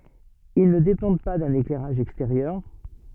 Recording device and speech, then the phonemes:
soft in-ear microphone, read sentence
il nə depɑ̃d pa dœ̃n eklɛʁaʒ ɛksteʁjœʁ

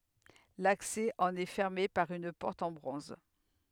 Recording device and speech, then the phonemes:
headset microphone, read sentence
laksɛ ɑ̃n ɛ fɛʁme paʁ yn pɔʁt ɑ̃ bʁɔ̃z

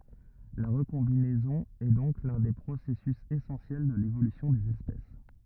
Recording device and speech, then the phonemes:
rigid in-ear microphone, read sentence
la ʁəkɔ̃binɛzɔ̃ ɛ dɔ̃k lœ̃ de pʁosɛsys esɑ̃sjɛl də levolysjɔ̃ dez ɛspɛs

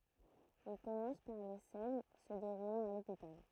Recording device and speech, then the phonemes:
throat microphone, read sentence
il kɔmɑ̃s paʁ le sɛn sə deʁulɑ̃t a lopital

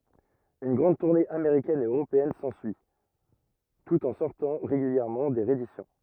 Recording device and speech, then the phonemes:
rigid in-ear microphone, read sentence
yn ɡʁɑ̃d tuʁne ameʁikɛn e øʁopeɛn sɑ̃syi tut ɑ̃ sɔʁtɑ̃ ʁeɡyljɛʁmɑ̃ de ʁeedisjɔ̃

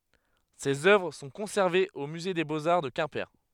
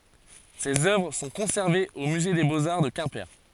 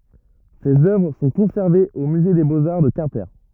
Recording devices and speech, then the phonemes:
headset microphone, forehead accelerometer, rigid in-ear microphone, read sentence
sez œvʁ sɔ̃ kɔ̃sɛʁvez o myze de boz aʁ də kɛ̃pe

